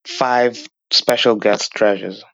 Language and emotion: English, disgusted